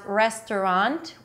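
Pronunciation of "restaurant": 'Restaurant' is said with three syllables here, not in the two-syllable way.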